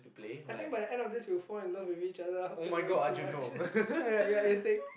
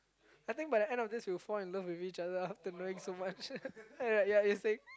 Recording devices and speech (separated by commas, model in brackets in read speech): boundary microphone, close-talking microphone, conversation in the same room